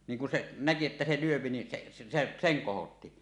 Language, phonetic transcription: Finnish, niŋ ku se "näki että 'se 'lyöpi ni se , se 'seŋ 'kohotti .
- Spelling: niin kun se näki että se lyö niin se se sen kohotti

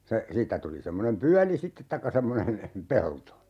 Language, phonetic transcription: Finnish, se , 'siittä tuli 'semmonem 'pyäli "sittet taikka semmonen , 'pelto .
- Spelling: se siitä tuli semmoinen pyöli sitten tai semmoinen pelto

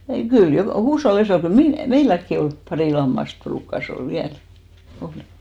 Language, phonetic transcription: Finnish, ei , 'kyl jokà 'huushollis(a) ko 'mi- , "meiläkki 'ol , 'parì 'lammast 'pruukkas ‿ol "viäl , 'olì .
- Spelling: ei kyllä joka huushollissa kun - meilläkin oli pari lammasta ruukasi olla vielä oli

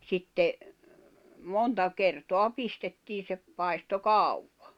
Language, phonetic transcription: Finnish, 'sitte , 'monta 'kertoa 'pistettii se , paisto "kàuwᴠᴀ .
- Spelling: sitten monta kertaa pistettiin se paistoi kauan

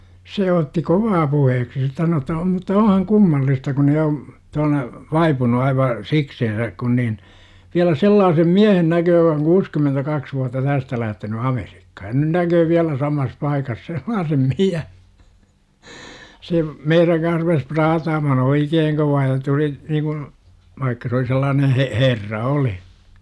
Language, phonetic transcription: Finnish, se otti "kovaa puheeksi se sano että o » mutta "ohaŋ kummallista kun jo , -t ‿on , 'vaipunu aiva , 'sikseensäk kun nin , viälä 'sellaasem "miähen näköö j°k ‿oŋ 'kuuskymentäkaks vuatta 'tästä lähteny "AmeRIkkA - ja 'nyn näköö viälä 'samas 'paikas 'sellaasem "miä-. « se , "meiräŋ kans rupes 'praataamahn "oikeeŋ kovaa ja tuli , niikun , vaikka se oli sellaanen h̬e - "herra 'oli .
- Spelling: se otti kovaa puheeksi se sanoi että - mutta onhan kummallista kun jo että on vaipunut aivan sikseensä kun niin vielä sellaisen miehen näkee joka on kuusikymentäkaksi vuotta tästä lähtenyt Amerikkaan ja nyt näkee vielä samassa paikassa sellaisen - se meidän kanssa rupesi praataamaan oikein kovaa ja tuli niin kuin vaikka se oli sellainen - herra oli

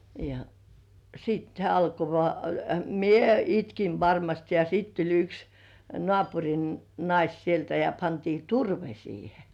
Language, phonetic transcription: Finnish, ja , siit hĕä̀ 'alko vŏà - - 'mie "itkiv varmast ja sit tuĺ yks , 'nŏàpuŕin , "nais sieltä ja pantii "turve siihe .
- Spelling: ja sitten hän alkoi vain minä itkin varmasti ja sitten tuli yksi naapurin nainen sieltä ja pantiin turve siihen

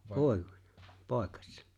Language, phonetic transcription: Finnish, ('poe-,) "pòekᴀśsᴀ .
- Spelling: - poikasena

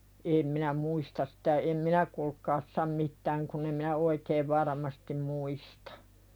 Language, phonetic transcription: Finnish, 'eem minä "muistas sᴵtä em "minä kulk̀aas 'sam mittääŋ kunn ‿em minä "oikeev varaᵃmastim 'muistᴀ .
- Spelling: en minä muista sitä en minä kuulkaa sano mitään kun en minä oikein varmasti muista

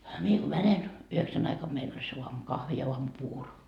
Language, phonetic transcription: Finnish, mie ko 'mänen , 'yheksän ‿aikam meil ‿ol se 'uamu"kahvi ja 'uamu"puuro .
- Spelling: minä kun menen yhdeksän aikana meillä oli se aamukahvi ja aamupuuro

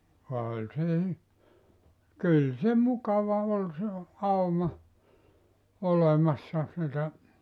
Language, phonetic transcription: Finnish, 'oĺ se y- , 'kyl se 'mukava ol se , 'auma , 'olemassa sitä ,.
- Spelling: oli se - kyllä se mukava oli se auma olemassa sitä

